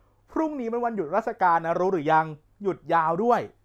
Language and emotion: Thai, neutral